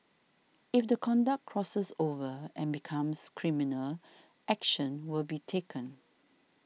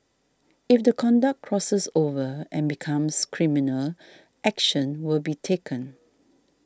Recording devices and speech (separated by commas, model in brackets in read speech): mobile phone (iPhone 6), standing microphone (AKG C214), read sentence